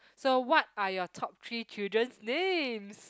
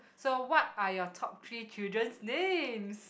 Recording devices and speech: close-talking microphone, boundary microphone, conversation in the same room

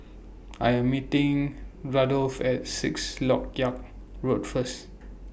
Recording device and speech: boundary microphone (BM630), read sentence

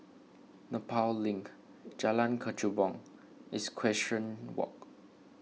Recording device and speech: mobile phone (iPhone 6), read sentence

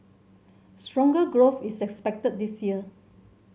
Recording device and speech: mobile phone (Samsung C7100), read sentence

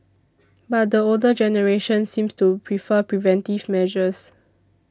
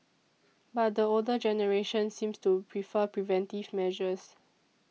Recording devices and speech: standing microphone (AKG C214), mobile phone (iPhone 6), read sentence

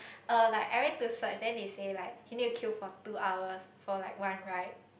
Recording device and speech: boundary microphone, conversation in the same room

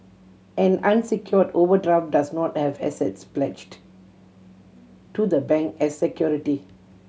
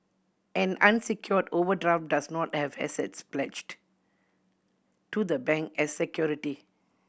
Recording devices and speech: mobile phone (Samsung C7100), boundary microphone (BM630), read sentence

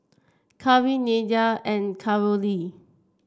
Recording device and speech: standing microphone (AKG C214), read sentence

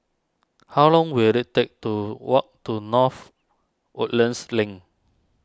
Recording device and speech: standing microphone (AKG C214), read sentence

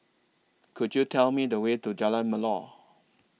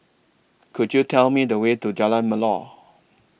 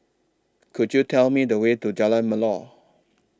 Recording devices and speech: mobile phone (iPhone 6), boundary microphone (BM630), standing microphone (AKG C214), read sentence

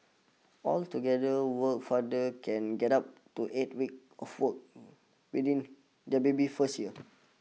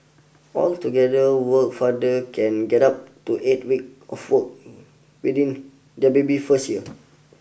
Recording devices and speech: mobile phone (iPhone 6), boundary microphone (BM630), read sentence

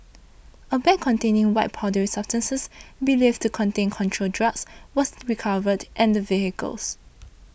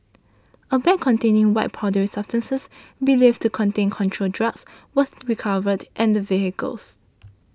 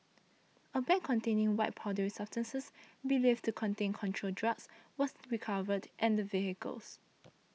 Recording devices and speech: boundary microphone (BM630), standing microphone (AKG C214), mobile phone (iPhone 6), read sentence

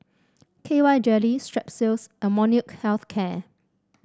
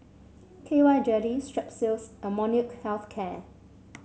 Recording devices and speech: standing microphone (AKG C214), mobile phone (Samsung C7), read sentence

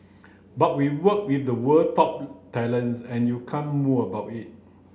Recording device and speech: boundary microphone (BM630), read sentence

